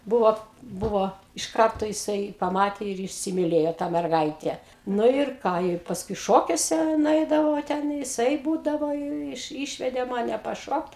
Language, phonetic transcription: Lithuanian, ˈbuvo ˈbuvo iš ˈkarto jiˈsai paˈmatė ir įsimiˈlėjo tą merˈgaitę ˈnu ir ˈką i pasˈkui ˈšokiuose nuˈeidavau va ˈten jiˈsai ˈbūdavo jau ˈiš ˈyšvedė ˈmane paˈšokt

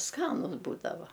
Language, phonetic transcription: Lithuanian, ˈskanus ˈbūdava

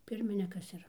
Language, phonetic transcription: Lithuanian, ˈpirminikas ˈir

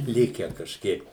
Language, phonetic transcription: Lithuanian, ˈlikę kažˈkiek

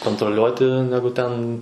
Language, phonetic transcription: Lithuanian, kontroˈliuoti ˈnegu ten

